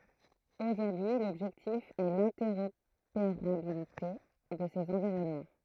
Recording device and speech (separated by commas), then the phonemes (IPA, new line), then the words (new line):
throat microphone, read sentence
oʒuʁdyi lɔbʒɛktif ɛ lɛ̃tɛʁopeʁabilite də sez ɑ̃viʁɔnmɑ̃
Aujourd'hui, l'objectif est l'interopérabilité de ces environnements.